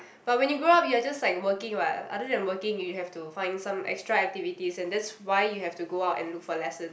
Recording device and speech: boundary microphone, conversation in the same room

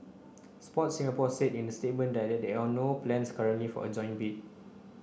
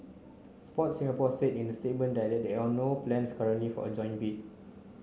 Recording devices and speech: boundary microphone (BM630), mobile phone (Samsung C9), read sentence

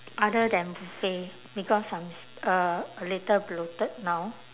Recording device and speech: telephone, conversation in separate rooms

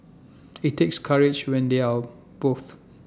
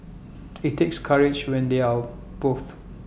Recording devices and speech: standing microphone (AKG C214), boundary microphone (BM630), read sentence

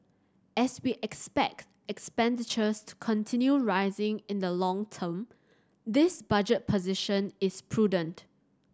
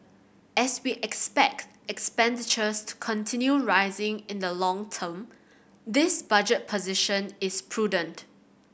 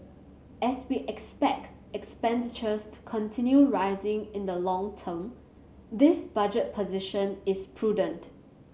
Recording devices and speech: standing microphone (AKG C214), boundary microphone (BM630), mobile phone (Samsung C7100), read sentence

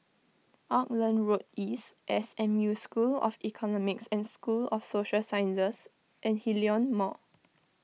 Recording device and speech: mobile phone (iPhone 6), read sentence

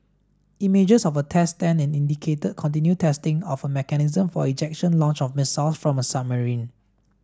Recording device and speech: standing microphone (AKG C214), read sentence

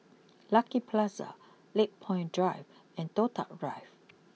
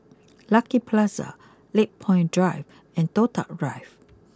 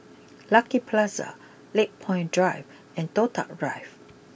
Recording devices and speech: mobile phone (iPhone 6), close-talking microphone (WH20), boundary microphone (BM630), read sentence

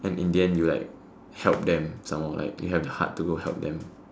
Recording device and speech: standing microphone, conversation in separate rooms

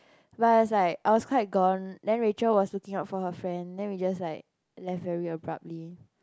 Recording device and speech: close-talking microphone, conversation in the same room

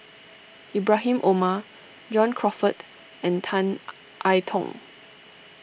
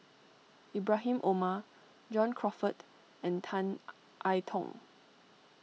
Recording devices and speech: boundary microphone (BM630), mobile phone (iPhone 6), read sentence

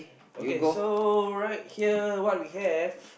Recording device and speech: boundary microphone, conversation in the same room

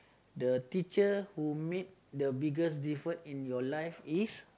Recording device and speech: close-talking microphone, conversation in the same room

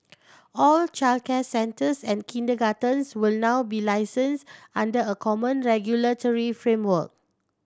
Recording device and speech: standing microphone (AKG C214), read sentence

